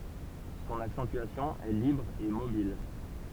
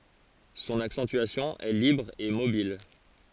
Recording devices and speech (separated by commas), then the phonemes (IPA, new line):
temple vibration pickup, forehead accelerometer, read sentence
sɔ̃n aksɑ̃tyasjɔ̃ ɛ libʁ e mobil